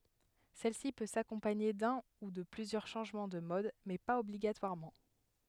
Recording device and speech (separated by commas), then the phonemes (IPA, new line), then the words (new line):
headset microphone, read sentence
sɛlsi pø sakɔ̃paɲe dœ̃ u də plyzjœʁ ʃɑ̃ʒmɑ̃ də mɔd mɛ paz ɔbliɡatwaʁmɑ̃
Celle-ci peut s'accompagner d'un ou de plusieurs changement de mode mais pas obligatoirement.